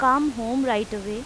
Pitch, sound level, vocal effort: 240 Hz, 90 dB SPL, loud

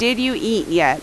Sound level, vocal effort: 87 dB SPL, loud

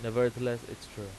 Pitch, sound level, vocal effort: 120 Hz, 89 dB SPL, normal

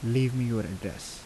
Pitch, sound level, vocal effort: 115 Hz, 80 dB SPL, soft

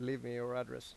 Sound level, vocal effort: 87 dB SPL, normal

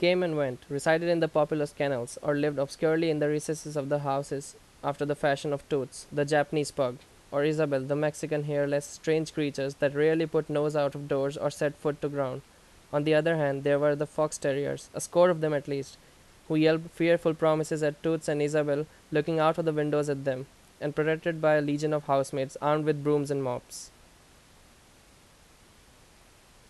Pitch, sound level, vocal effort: 150 Hz, 86 dB SPL, very loud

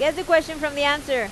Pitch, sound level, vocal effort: 300 Hz, 95 dB SPL, loud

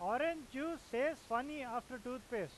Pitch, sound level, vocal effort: 255 Hz, 97 dB SPL, very loud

